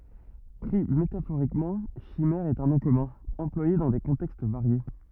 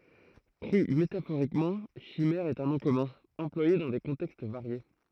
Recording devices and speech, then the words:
rigid in-ear microphone, throat microphone, read sentence
Pris métaphoriquement, chimère est un nom commun, employé dans des contextes variés.

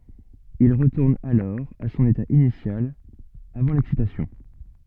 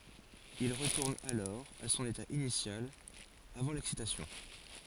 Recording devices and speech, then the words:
soft in-ear microphone, forehead accelerometer, read sentence
Il retourne alors à son état initial avant l'excitation.

